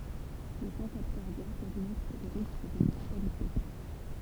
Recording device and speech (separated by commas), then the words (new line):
temple vibration pickup, read sentence
Les syncopes cardiaques augmentent le risque de mortalité.